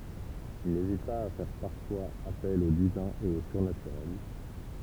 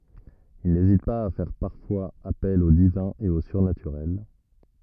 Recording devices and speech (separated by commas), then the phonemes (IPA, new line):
temple vibration pickup, rigid in-ear microphone, read sentence
il nezit paz a fɛʁ paʁfwaz apɛl o divɛ̃ e o syʁnatyʁɛl